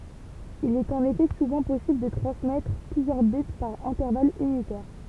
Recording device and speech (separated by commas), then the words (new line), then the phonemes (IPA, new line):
temple vibration pickup, read sentence
Il est en effet souvent possible de transmettre plusieurs bits par intervalle unitaire.
il ɛt ɑ̃n efɛ suvɑ̃ pɔsibl də tʁɑ̃smɛtʁ plyzjœʁ bit paʁ ɛ̃tɛʁval ynitɛʁ